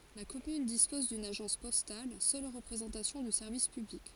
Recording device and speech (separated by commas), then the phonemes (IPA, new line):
forehead accelerometer, read sentence
la kɔmyn dispɔz dyn aʒɑ̃s pɔstal sœl ʁəpʁezɑ̃tasjɔ̃ dy sɛʁvis pyblik